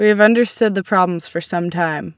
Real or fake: real